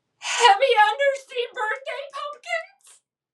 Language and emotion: English, sad